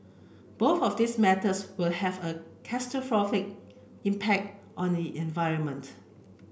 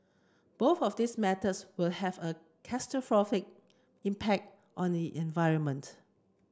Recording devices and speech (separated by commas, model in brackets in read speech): boundary microphone (BM630), close-talking microphone (WH30), read sentence